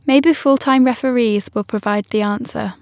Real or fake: real